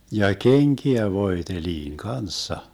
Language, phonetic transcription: Finnish, 'ja "keŋkiä 'voeteliiŋ 'kanssa .
- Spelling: ja kenkiä voideltiin kanssa

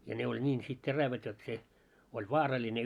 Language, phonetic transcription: Finnish, ja 'ne oĺ "ńiin sit 'terävät jot se , oĺ "vaaraĺine .
- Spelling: ja ne oli niin sitten terävät jotta se oli vaarallinen

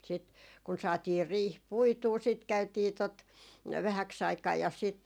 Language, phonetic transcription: Finnish, sit , kun 'saatiir 'riih "puituu sit 'käytii tot , 'vähäk's ‿aikaa ja sit ,.
- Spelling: sitten kun saatiin riihi puitua sitten käytiin tuota vähäksi aikaa ja sitten

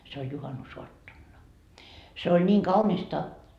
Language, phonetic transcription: Finnish, se oĺ , se oĺ 'juhanu"soattonna , se oĺ niiŋ "kaunista .
- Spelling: se oli se oli juhannusaattona se oli niin kaunista

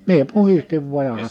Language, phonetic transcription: Finnish, 'mie 'puhistiv vuaj ja ha- ,.
- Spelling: minä puhdistin vain ja -

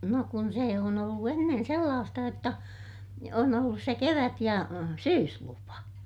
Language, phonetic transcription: Finnish, no kun sè on ‿ollu ennen̬ sellaasta jotta , on ollus se kevät - ja , syyslupa .
- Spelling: no kun se on ollut ennen sellaista jotta on ollut se kevät- ja syyslupa

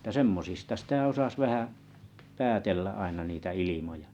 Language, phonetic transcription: Finnish, ᵉttä 'semmosista sĭtä 'osas 'vähä , 'päätellä aina niitä 'ilimoja .
- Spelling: että semmoisista sitä osasi vähän päätellä aina niitä ilmoja

